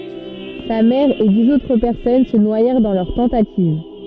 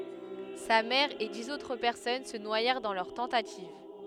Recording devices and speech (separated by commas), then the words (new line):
soft in-ear microphone, headset microphone, read sentence
Sa mère et dix autres personnes se noyèrent dans leur tentative.